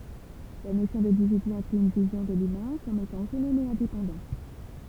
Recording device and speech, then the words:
temple vibration pickup, read sentence
La notion d'individu inclut une vision de l'humain comme étant autonome et indépendant.

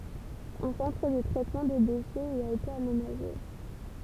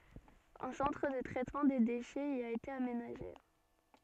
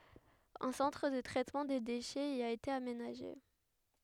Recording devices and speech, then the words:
temple vibration pickup, soft in-ear microphone, headset microphone, read sentence
Un centre de traitement des déchets y a été aménagé.

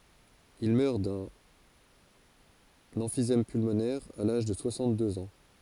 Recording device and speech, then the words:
forehead accelerometer, read sentence
Il meurt d'un emphysème pulmonaire à l'âge de soixante-deux ans.

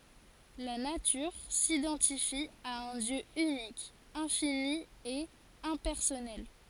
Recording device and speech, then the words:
forehead accelerometer, read sentence
La Nature s'identifie à un Dieu unique, infini et impersonnel.

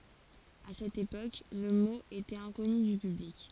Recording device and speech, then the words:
forehead accelerometer, read sentence
À cette époque, le mot était inconnu du public.

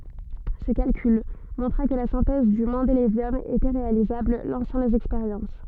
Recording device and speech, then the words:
soft in-ear microphone, read sentence
Ce calcul montra que la synthèse du mendélévium était réalisable, lançant les expériences.

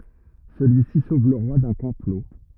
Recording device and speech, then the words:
rigid in-ear microphone, read sentence
Celui-ci sauve le roi d'un complot.

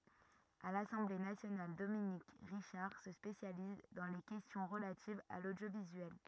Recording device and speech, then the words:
rigid in-ear microphone, read sentence
À l'Assemblée nationale, Dominique Richard se spécialise dans les questions relatives à l'audiovisuel.

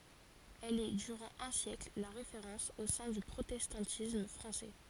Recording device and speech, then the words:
forehead accelerometer, read sentence
Elle est durant un siècle la référence au sein du protestantisme français.

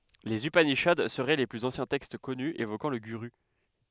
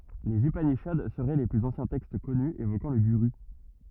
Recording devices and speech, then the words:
headset microphone, rigid in-ear microphone, read sentence
Les upanishads seraient les plus anciens textes connus évoquant le guru.

